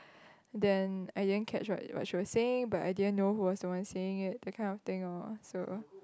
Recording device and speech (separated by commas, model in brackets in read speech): close-talking microphone, conversation in the same room